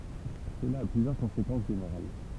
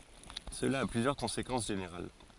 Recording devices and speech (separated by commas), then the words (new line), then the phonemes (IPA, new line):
temple vibration pickup, forehead accelerometer, read sentence
Cela a plusieurs conséquences générales.
səla a plyzjœʁ kɔ̃sekɑ̃s ʒeneʁal